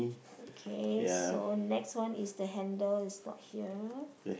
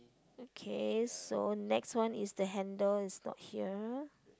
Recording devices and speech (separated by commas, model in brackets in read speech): boundary microphone, close-talking microphone, conversation in the same room